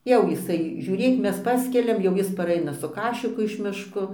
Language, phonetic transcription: Lithuanian, jau jiˈsai žiūˈrėk ˈmes ˈpaskeliam jau ˈjis paˈraina su ˈkašiku iš ˈmiško

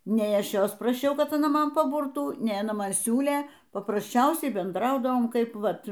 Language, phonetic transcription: Lithuanian, ˈnei ˈaš ˈjos praˈšiau kad aˈna ˈman paˈburtų ˈnei aˈna ˈman ˈsiūlė paprasˈčiausiai benˈdraudavom ˈkaip ˈvat

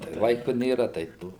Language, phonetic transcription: Lithuanian, tai ˈlaiku ˈnėra ˈtai ˈto

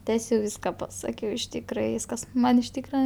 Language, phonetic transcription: Lithuanian, ˈtesiau ˈvyska paˈsakiau iš ˈtykra ˈvyskas ˈman iš ˈtykra

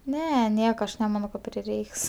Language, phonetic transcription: Lithuanian, ˈne ˈnieka ˈaš neˈmano ka priˈreiks

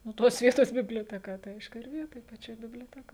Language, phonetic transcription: Lithuanian, nu ˈtos ˈvietos biblioteˈka tai ˈaišku ˈir ˈvietoj paˈčioj biblioˈtekoj

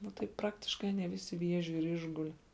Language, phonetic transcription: Lithuanian, ˈnu tai ˈpraktiškai aˈnie ˈvisi ˈviežiu ir ˈišguli

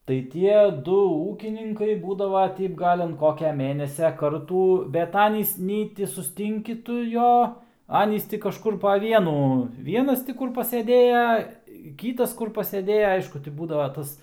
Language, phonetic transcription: Lithuanian, tai ˈtie ˈdu ˈūkininkai ˈbūdava ˈteip ˈgal' an ˈkokia ˈmėnesia ˈkartų bet ˈanys ˈnei ti susˈtinki ˈtu ˈjo ˈanys ˈti kažˈkur pa ˈvienų ˈvienas ti ˈkur pasėˈdėja ˈkytas ˈkur pasėˈdėja ˈaišku ti ˈbūdava ˈtas

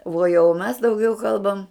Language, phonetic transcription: Lithuanian, vuo jau mes dauˈgiau ˈkalbam

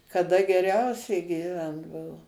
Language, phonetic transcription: Lithuanian, kaˈda geˈriausiai gyˈvent ˈbuvo

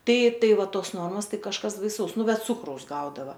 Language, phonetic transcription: Lithuanian, ˈtai ˈtai ˈva ˈtos ˈnormos ˈtai kažˈkas baiˈsaus ˈnu ˈbet ˈcukraus ˈgaudava

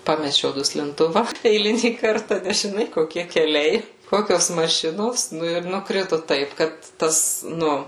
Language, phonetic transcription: Lithuanian, ˈpamečiau duslinˈtuva eiˈlinį ˈkarta nes žiˈnai koˈkie keˈliai ˈkokios maˈšinos ˈnu ir nukˈritu ˈtaip ˈkad ˈtas ˈnu

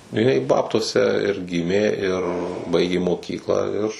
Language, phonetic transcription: Lithuanian, jiˈnai ˈbabtuose ir ˈgimė ir ˈbaigė moˈkyklą ir

